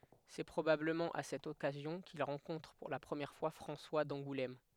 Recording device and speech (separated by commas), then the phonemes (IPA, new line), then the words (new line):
headset microphone, read sentence
sɛ pʁobabləmɑ̃ a sɛt ɔkazjɔ̃ kil ʁɑ̃kɔ̃tʁ puʁ la pʁəmjɛʁ fwa fʁɑ̃swa dɑ̃ɡulɛm
C'est probablement à cette occasion qu'il rencontre pour la première fois François d'Angoulême.